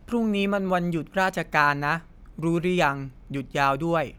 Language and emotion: Thai, neutral